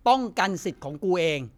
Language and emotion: Thai, angry